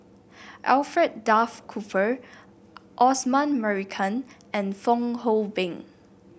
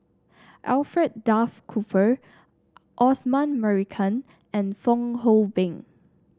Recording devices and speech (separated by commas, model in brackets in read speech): boundary microphone (BM630), standing microphone (AKG C214), read sentence